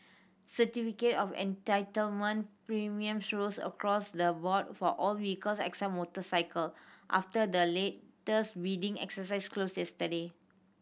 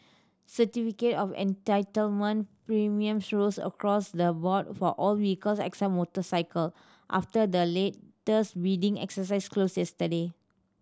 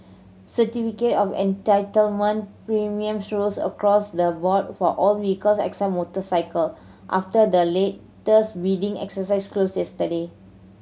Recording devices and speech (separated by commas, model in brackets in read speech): boundary microphone (BM630), standing microphone (AKG C214), mobile phone (Samsung C7100), read sentence